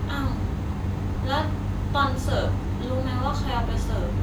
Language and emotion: Thai, frustrated